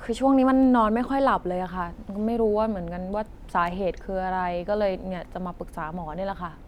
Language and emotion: Thai, frustrated